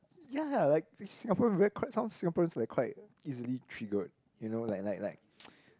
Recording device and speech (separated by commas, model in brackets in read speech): close-talking microphone, conversation in the same room